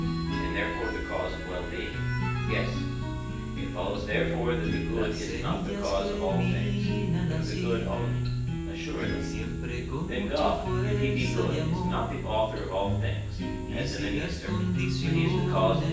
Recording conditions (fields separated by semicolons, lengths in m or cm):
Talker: one person; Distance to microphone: 9.8 m; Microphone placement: far; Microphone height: 1.8 m; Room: large; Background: music